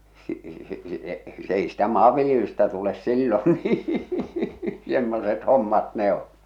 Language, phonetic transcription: Finnish, si- si- si- 's ‿ei ‿stä "maavviljelystä tules "sillon nii , 'semmoset 'hommat 'ne ‿o’ .
- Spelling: - - - se ei sitä maanviljelystä tule silloin niin semmoiset hommat ne on

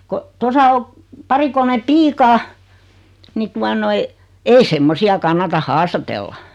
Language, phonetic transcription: Finnish, ko , 'tosa o , 'pari kolme "piikaa , ni 'tua noi , 'ei "semmosi₍a 'kannata "haastatella .
- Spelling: kun tuossa on pari kolme piikaa niin tuota noin ei semmoisia kannata haastatella

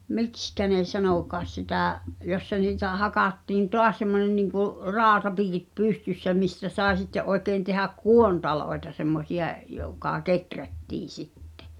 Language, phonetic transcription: Finnish, mikskä ne 'sanòkaas sitä̀ , 'jossa niitä 'hakattiin "toas semmonen niŋku’ , "raaᵒtapiikit 'pystyssä mistä sàe sitte , '’oekèi̬n tehäk "kuontaloeta semmosi₍a , jokà 'keträttii 'sittᴇ .
- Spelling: miksi ne sanokaan sitä jossa niitä hakattiin taas semmoinen niin kuin rautapiikit pystyssä mistä sai sitten oikein tehdä kuontaloita semmoisia joka kehrättiin sitten

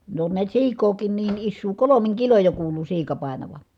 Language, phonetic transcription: Finnish, ne on niät siik̀ookiin niin issuu , kolomiŋ kiloj jo kuulu siika pàenava .
- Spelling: ne on näet siikaakin niin isoa kolmin kiloin jo kuului siika painavan

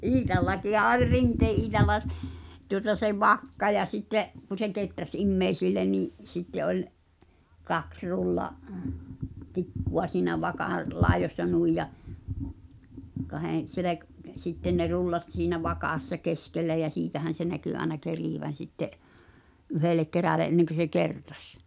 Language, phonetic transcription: Finnish, Iitallakiha 'oĺ 'Rintee ’Iitalla s- , tuŏta se "vakka ja sitte’ , ku se 'keträs "immeisille nì’ , sitte oĺ , 'kaks 'rulla’- , -'tikkuᴡa siinä 'vakàˡ , "lai̬jośsa 'nui ja , 'kahen̬ , selek- , 'sitten ne "rullat siinä 'vakàssa "keskellä jä "siitähän̬ se näky aena 'kerìvän̬ sitte’ , '’yhelek keräle ’enneŋkö se "kertᴀs .
- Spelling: Iitallakin oli Rinteen Iitalla - tuota se vakka ja sitten kun se kehräsi ihmisille niin sitten oli kaksi - rullatikkua siinä vakan laidoissa noin ja kahden - sitten ne rullat siinä vakassa keskellä ja siitähän se näkyi aina kerivän sitten yhdelle kerälle ennen kuin se kertasi

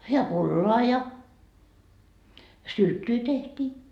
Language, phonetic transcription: Finnish, ja "pulloa ja , "sylttyy tehtii .
- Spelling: ja pullaa ja sylttyä tehtiin

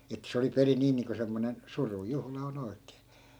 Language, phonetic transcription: Finnish, ettᵃ̈ se oli 'perin 'nii niiŋko semmonen , "suru'juhla o'n ‿oi̮k̆kee .
- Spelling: että se oli perin niin niin kuin semmoinen surujuhla on oikein

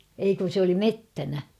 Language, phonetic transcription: Finnish, 'ei kun̬ sᵉ ‿oli "mettänä .
- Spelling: ei kun se oli metsänä

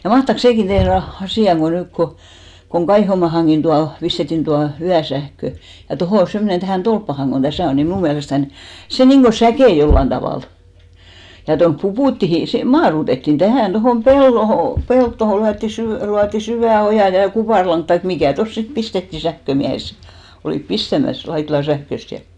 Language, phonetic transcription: Finnish, ja 'mahtaks "sèkin tehr va , 'asì₍a ko , 'nykko , koŋ 'Kaihomaahaŋɢin 'tua , 'pistettin 'tua 'yäsähkö , ja 'tohò 'semmonen tähä̀n 'tolppahaŋ ɢon "täsä̀ on ni 'mnù miälestän , 'se 'niŋɢo "säkè 'jollan tavàl , ja tonp "Pupùttihi , se 'maarutettin 'tähä̀n , tohòm "pelloho , 'pelttoho lyätti 'sy- , luatti 'syvä̀ 'ojà ja 'kupàrlaŋk tai 'mikä̀ 'tos sit 'pistettì 'sähkömiähes se , olìp 'pistämäs , 'Laitlan̬ 'sähköst ja .
- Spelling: ja mahtaakos sekin tehdä vain asiaa kun nyt kun kun Kaihomaahankin tuo pistettiin tuo yösähkö ja tuohon semmoinen tähän tolppaan kun tässä on niin minun mielestäni se niin kuin säkeää jollakin tavalla ja tuonne Puputtiin se maadoitettiin tähän tuohon peltoon peltoon lyötiin - luotiin syvä oja ja kuparilanka tai mikä tuossa sitten pistettiin sähkömiehet sen olivat pistämässä Laitilan sähköstä ja

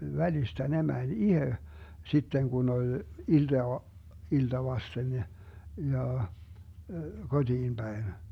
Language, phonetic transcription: Finnish, 'välistä 'ne mäń "ihe , 'sitteŋ 'kun ‿oĺ , ilDaa , 'ilta vasten ne , 'ja , koDiim Bäin .
- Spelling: välistä ne meni itse sitten kun oli iltaa ilta vasten ne ja kotiin päin

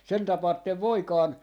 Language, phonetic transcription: Finnish, 'sen 'tapaattev "Voikaan , .
- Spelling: sen tapaatte Voikkaan

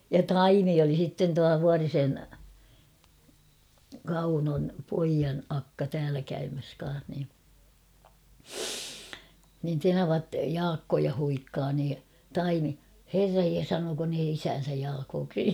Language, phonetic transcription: Finnish, ja "Taimi oli sitten tua "Vuarisen , "Kaunon̳ 'poijan 'akka 'täälä käymäs ka̰a̰h ni , nin 'tenavat "Jaakkoja huikkaa nii , "Taimi , » "herraj je 'sanooko ne "isään̬säj "Jaakooksi ? «
- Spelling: ja Taimi oli sitten tuo Vuorisen Kaunon pojan akka täällä käymässä kanssa niin niin tenavat Jaakkoa huikkaa niin Taimi herran jee sanooko ne isäänsä Jaakoksi

